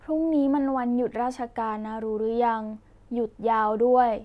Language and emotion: Thai, neutral